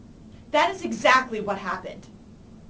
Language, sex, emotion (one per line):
English
female
angry